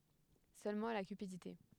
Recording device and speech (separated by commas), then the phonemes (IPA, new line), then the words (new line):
headset microphone, read sentence
sølmɑ̃ la kypidite
Seulement la cupidité.